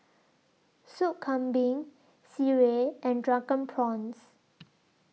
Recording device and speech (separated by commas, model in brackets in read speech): mobile phone (iPhone 6), read sentence